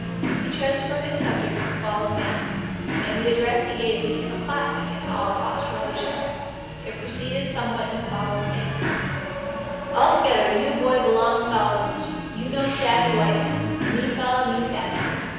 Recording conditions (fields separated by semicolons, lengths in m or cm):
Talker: one person; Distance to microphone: 7.1 m; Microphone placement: far; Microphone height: 1.7 m; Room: very reverberant, large; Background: television